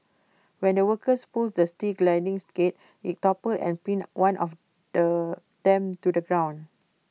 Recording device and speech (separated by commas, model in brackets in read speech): mobile phone (iPhone 6), read sentence